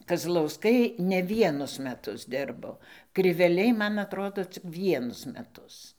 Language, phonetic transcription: Lithuanian, kazlauˈskai ne ˈvienus meˈtus ˈdirbo kriveˈliai ˈman atˈrodo cik ˈvienus meˈtus

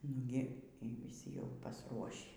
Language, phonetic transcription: Lithuanian, ˈnugi y vyˈsi jau pasˈruošį

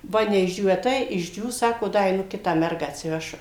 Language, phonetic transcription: Lithuanian, ˈva neišˈdžiūvę ˈtai išˈdžiūs ˈsako ˈda eiˈnu ˈkitą ˈmergą atsiˈvešu

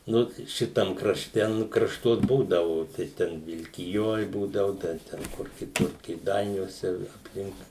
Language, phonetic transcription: Lithuanian, ˈnu ˈšitam krašˈte ˈnu krašˈtuos ˈbūdavu tai ˈten vilkiˈjoj ˈbūdavu ˈda ˈten ˈkur kiˈtur kėˈdainiuose i apˈlink

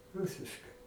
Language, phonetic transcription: Lithuanian, ˈrusiškai

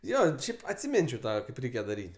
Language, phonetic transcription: Lithuanian, ˈjo ˈšiaip atsiˈminčiau ˈtą ˈreikia daˈryt'

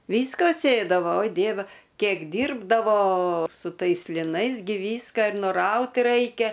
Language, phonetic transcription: Lithuanian, ˈvyska ˈsėdavo oi ˈdieve ˈkiek ˈdyrbdavo su ˈtais liˈnais ˈgi ˈvyską ir ˈnuraut ˈraikia

